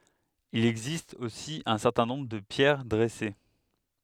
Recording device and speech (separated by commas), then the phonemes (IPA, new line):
headset microphone, read sentence
il ɛɡzist osi œ̃ sɛʁtɛ̃ nɔ̃bʁ də pjɛʁ dʁɛse